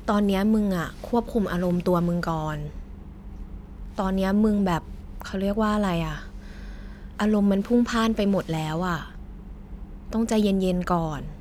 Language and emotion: Thai, neutral